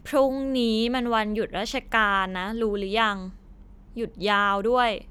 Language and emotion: Thai, frustrated